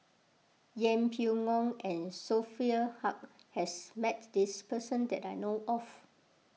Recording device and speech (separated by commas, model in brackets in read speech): mobile phone (iPhone 6), read sentence